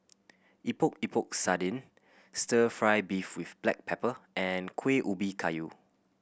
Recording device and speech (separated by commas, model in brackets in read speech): boundary microphone (BM630), read sentence